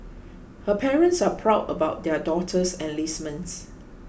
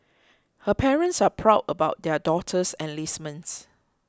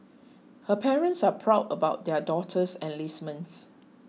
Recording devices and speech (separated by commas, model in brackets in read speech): boundary microphone (BM630), close-talking microphone (WH20), mobile phone (iPhone 6), read sentence